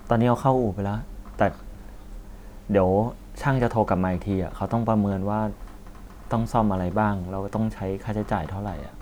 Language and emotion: Thai, neutral